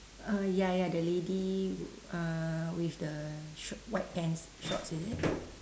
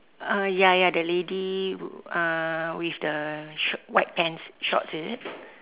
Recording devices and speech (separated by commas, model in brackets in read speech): standing microphone, telephone, conversation in separate rooms